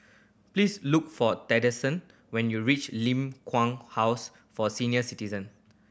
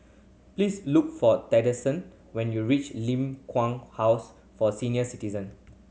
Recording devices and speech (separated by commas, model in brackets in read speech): boundary microphone (BM630), mobile phone (Samsung C7100), read sentence